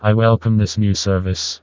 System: TTS, vocoder